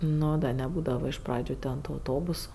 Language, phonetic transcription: Lithuanian, ˈno da neˈbūdava iš ˈpradžiu ten tu auˈtobusu

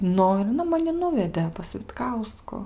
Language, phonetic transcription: Lithuanian, ˈnu i aˈna maˈni ˈnuvedė pas vitˈkausku

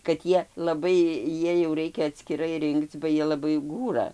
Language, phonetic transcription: Lithuanian, kad ˈjie laˈbai ˈjiej jau ˈraikia atskiˈrai ˈrinkc ba ˈjie laˈbai ˈgūra

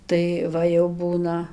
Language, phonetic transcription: Lithuanian, ˈtai ˈva jau ˈbūna

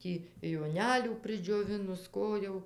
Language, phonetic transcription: Lithuanian, ˈtį joˈnelių pridžioˈvinus ˈko jau

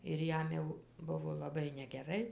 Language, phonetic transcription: Lithuanian, ir ˈjam jau ˈbuvo laˈbai negeˈrai

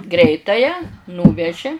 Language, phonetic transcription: Lithuanian, ˈgreitąją ˈnūveži

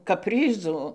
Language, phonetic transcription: Lithuanian, kapˈryzu

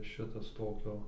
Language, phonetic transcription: Lithuanian, ˈšitas ˈtokio

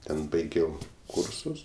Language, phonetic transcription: Lithuanian, ˈten baiˈgiau ˈkursus

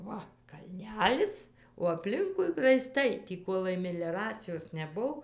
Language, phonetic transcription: Lithuanian, ˈva kalˈnelis o apˈlinkui raiˈstai tį ˈkolai meliaracijos neˈbuv

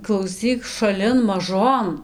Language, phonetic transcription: Lithuanian, klauˈsyk šaˈlin maˈžon

